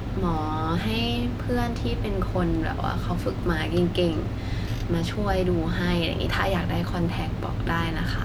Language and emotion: Thai, neutral